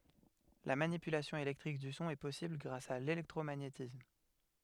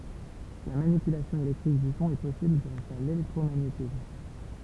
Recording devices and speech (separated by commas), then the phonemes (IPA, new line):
headset microphone, temple vibration pickup, read sentence
la manipylasjɔ̃ elɛktʁik dy sɔ̃ ɛ pɔsibl ɡʁas a lelɛktʁomaɲetism